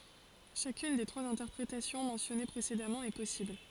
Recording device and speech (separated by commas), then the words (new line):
forehead accelerometer, read sentence
Chacune des trois interprétations mentionnées précédemment est possible.